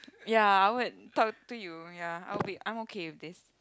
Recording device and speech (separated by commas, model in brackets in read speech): close-talking microphone, conversation in the same room